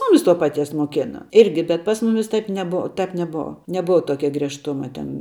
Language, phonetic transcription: Lithuanian, ˈmumis to paˈties moˈkena ˈirgi bet pas ˈmumis ˈtaip neˈbova ˈtap neˈbova neˈbova ˈtokia griežˈtuma ˈten

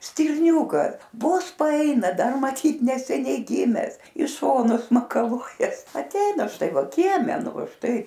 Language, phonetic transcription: Lithuanian, stirˈniūka ˈvos paˈaina ˈdar maˈtyt neseˈniai ˈgimes i ˈšonus makaˈluojas atˈeina ˈštai ˈva ˈkieme ˈnu ˈva ˈštai

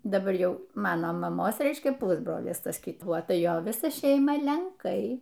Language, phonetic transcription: Lithuanian, daˈbar ˈjau ˈmano maˈmos ˈreiškia ˈpusbrolis ˈtas kiˈtuo ˈta ˈjo ˈvisa ˈšeima lenˈkai

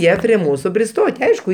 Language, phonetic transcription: Lithuanian, ˈjie prie ˈmūsu priˈstot' ˈaišku

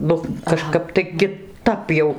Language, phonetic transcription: Lithuanian, ˈnu kaˈžkap tai kiˈtap jau

